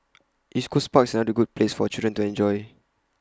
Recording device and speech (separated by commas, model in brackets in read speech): close-talking microphone (WH20), read sentence